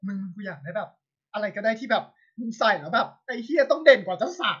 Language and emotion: Thai, happy